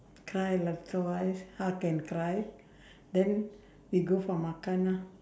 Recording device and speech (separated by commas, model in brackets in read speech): standing microphone, conversation in separate rooms